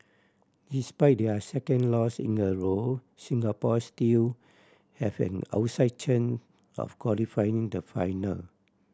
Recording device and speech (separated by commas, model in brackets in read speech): standing microphone (AKG C214), read sentence